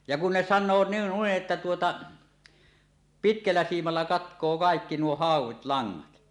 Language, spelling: Finnish, ja kun ne sanoo - noin että tuota pitkällä siimalla katkoo kaikki nuo hauet langat
- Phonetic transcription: ja kun 'ne "san̆noo n- 'nuiˀ "ˀettä tuota , "pitkällä 'siimalla 'katk̀oo 'kaekki nuo "hàuw̆wit "laŋŋat .

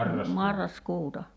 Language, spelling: Finnish, marraskuuta
- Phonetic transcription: 'marras'kuuta .

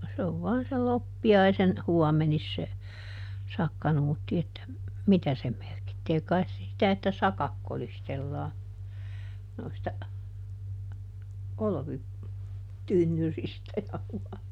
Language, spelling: Finnish, se on se on vain sen loppiaisen huomenissa se sakkanuutti että mitä se merkitsee kai se sitä että sakat kolistellaan noista - olvitynnyreistä ja -
- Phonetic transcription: se o , se ov ˈvɔan sel "loppi₍aisen , ˈhuɔmenis se , ˈsakka-Nuutti että , "mitä se ˈmerkittee - kai̮s se sitä että "sakak ˈkolistellaa , noista , ˈolᵒvi- , "-tynnyristä ja (--) ,.

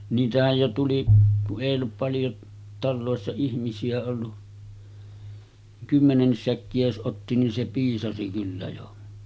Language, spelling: Finnish, niitähän jo tuli kun ei ollut paljon taloissa ihmisiä ollut kymmenenkin säkkiä jos otti niin se piisasi kyllä jo
- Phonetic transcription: 'niitähäj jo 'tuli , ku’ ’èij ‿ollup paljo , 'tallòessa 'ihmisi₍ä ollu , 'kymmenennis 'säkki₍ä jos ’otti nin se 'piisasi kyllä jo .

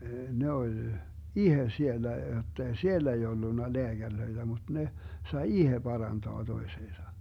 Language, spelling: Finnish, ne oli itse siellä jotta ei siellä ei ollut lääkäreitä mutta ne sai itse parantaa toisensa
- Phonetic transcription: 'ne oĺ , "ihe 'siellä jottei "siellᵃ̈ ei 'ollunna 'leäGärlöiDä muD 'ne , 'sai "ihe 'parantoa 'toiseesa .

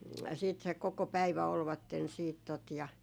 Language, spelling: Finnish, sitten se koko päivä olivat sitten tuota ja
- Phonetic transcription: siit se 'koko 'päivä olvatten siit tot ja ,.

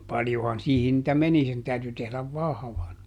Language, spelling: Finnish, paljonhan siihen niitä meni sen täytyi tehdä vahvan
- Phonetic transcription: ˈpaljohan ˈsiihin nⁱtä "meni sen ˈtäyty tehläv "vahᵃvan .

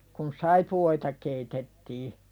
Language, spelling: Finnish, kun saippuoita keitettiin
- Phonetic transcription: kun "saipu₍oita keitettii .

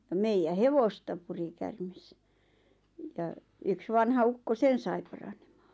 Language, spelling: Finnish, ja meidän hevosta puri käärme ja yksi vanha ukko sen sai paranemaan
- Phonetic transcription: ja 'meijä "hevosta 'puri kärmes , ja , yks ''vanha 'ukko ''sen sai paraɴᴇᴍᴀᴀ .

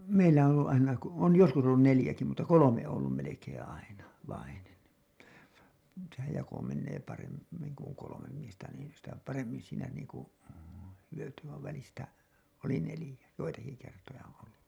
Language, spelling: Finnish, meillä on ollut aina - on joskus ollut neljäkin mutta kolme on ollut melkein aina vainen sehän jako menee - paremmin kun on kolme miestä niin sitä paremmin siinä niin kuin hyötyi vaan välistä oli neljä joitakin kertoja on ollut
- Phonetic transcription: 'meillä on ‿ollu '’aina ko- , on 'joskus ollun 'nelĭjäki , mutta "kolome ‿oo ‿ollum melekeḛ 'aina , vainen , sehäj 'jako mennee parem- , -miŋ ku ‿oŋ 'kolomem miestä niin , sitä paremmin siinä niiŋku , hyöty vaiv välistä , oli 'nelĭjä , joitaki kertoja on ‿ollu .

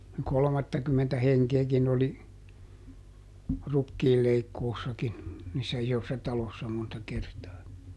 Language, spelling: Finnish, kolmattakymmentä henkeäkin oli rukiinleikkuussakin niissä isoissa taloissa monta kertaa
- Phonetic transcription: ˈkolᵒmattakymmentä ˈheŋkeekin ‿oli , ˈrukkiilleikkoossakin , niissä ˈisossa ˈtalossa monta ˈkertaa .

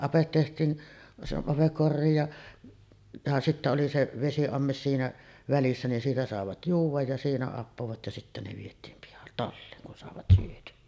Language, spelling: Finnish, ape tehtiin se ape koriin ja ja sitten oli se vesiamme siinä välissä niin siitä saivat juoda ja siinä appoivat ja sitten ne vietiin - talliin kun saivat syötyä
- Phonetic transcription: 'apet teht̀iin , se 'apek "korriij ja , ja 'sittä oli se 'vesi₍ammes siinä 'välissä nin "siitä 'sàevat "juuv̆vaj ja 'siinä 'appovat ja sittä ne viet̀iim pihal- , "talliiŋ kun sàevat syöty(₍ä) .

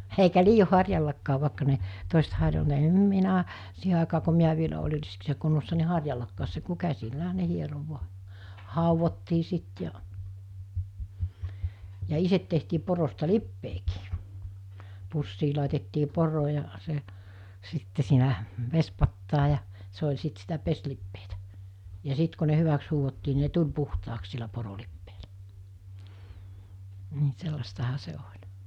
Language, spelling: Finnish, eikä liioin harjallakaan vaikka ne toiset - minä siihen aikaan kun minä vielä olin riskissä kunnossa niin harjallakaan se kun käsillähän ne hieroi vain haudottiin sitten ja ja itse tehtiin porosta lipeäkin pussiin laitettiin poro ja se sitten siinä vesipataan ja se oli sitten sitä pesulipeää ja sitten kun ne hyväksi huuhdottiin niin ne tuli puhtaaksi sillä porolipeällä niin sellaistahan se oli
- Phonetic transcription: eikä 'liijo 'harjallakkaav vàekka ne , 'toesᵉt 'harjo(- -) minä , 'siihe àekaa ko 'miä vielä oĺir̆ riskissä kunnossa ni 'harjallakkaas se ku 'käsilläɦä 'ne 'hiero 'vu̬a , 'hàuvottii sit ja , ja 'iset tehtii 'porosta "lip-peekii , 'pussii làetettii 'poro ja , se , 'sitte siinä , 'vespattaa ja , 'se oĺ 'sit sitä 'pes'lippeetä , ja 'sit ko ne 'hyväks huuhottii ni ne 'tuĺ 'puhtaaks sillä 'porolippeelä , nɪ 'sellastaha 'se 'oĺ .

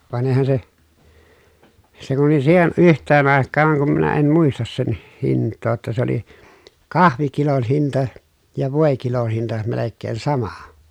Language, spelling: Finnish, vaan eihän se se kun oli siihen yhteen aikaan kun minä en muista sen hintaa jotta se oli kahvikilon hinta ja voikilon hinta melkein sama
- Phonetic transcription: van eⁱhän se , se kun oli siihen ʼyht̆teen àekkaaŋ kum minä em muistas sen hìǹt̆too ‿tta se ‿oli , kahvikilon hinta , ja vòekilon̬ hinta melekkeen sama .

